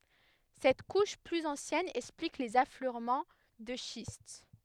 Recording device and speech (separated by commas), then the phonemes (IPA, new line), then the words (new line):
headset microphone, read sentence
sɛt kuʃ plyz ɑ̃sjɛn ɛksplik lez afløʁmɑ̃ də ʃist
Cette couche plus ancienne explique les affleurements de schiste.